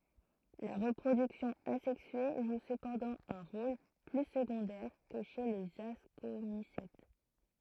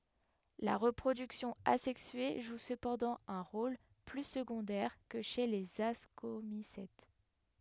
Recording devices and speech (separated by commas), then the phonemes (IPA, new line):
throat microphone, headset microphone, read sentence
la ʁəpʁodyksjɔ̃ azɛksye ʒu səpɑ̃dɑ̃ œ̃ ʁol ply səɡɔ̃dɛʁ kə ʃe lez askomisɛt